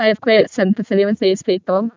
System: VC, vocoder